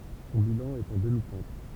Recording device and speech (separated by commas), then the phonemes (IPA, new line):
temple vibration pickup, read sentence
sɔ̃ bilɑ̃ ɛt ɑ̃ dəmitɛ̃t